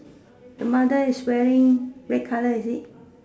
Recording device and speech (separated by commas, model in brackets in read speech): standing microphone, conversation in separate rooms